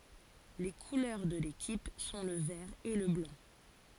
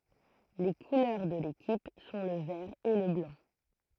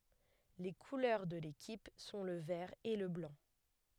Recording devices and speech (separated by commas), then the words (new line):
forehead accelerometer, throat microphone, headset microphone, read sentence
Les couleurs de l'équipe sont le vert et le blanc.